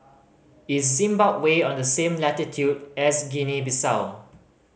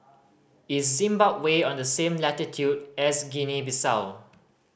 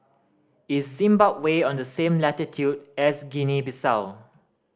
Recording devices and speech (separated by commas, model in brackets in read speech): mobile phone (Samsung C5010), boundary microphone (BM630), standing microphone (AKG C214), read sentence